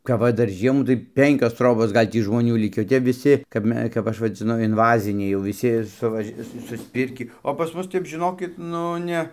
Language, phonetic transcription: Lithuanian, kap ˈva ˈdar ˈžiemų tai ˈpenkios ˈtrobos ˈgal' tį žmoˈnių ˈlikį o ˈtep viˈsi kap ˈme kap ˈaš vadziˈnu inˈvaziniai jau viˈsi suˈvaž' ˈsu susˈpirkį o pas ˈmus ˈtep žiˈnokit ˈnu ne

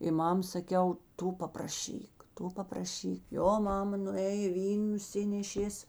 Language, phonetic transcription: Lithuanian, i ˈmam saˈkiau ˈtu papraˈšyk ˈtu papraˈšyk ˈjo ˈmama nuˈėjė ˈvyn nuˈsinešės

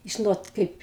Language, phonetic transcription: Lithuanian, ˈžinot ˈkaip

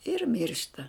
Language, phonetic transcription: Lithuanian, ir ˈmiršta

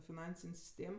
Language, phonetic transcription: Lithuanian, fiˈnansin' sisˈtėm

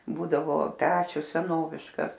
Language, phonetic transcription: Lithuanian, ˈbūdavo ˈpečius seˈnoviškas

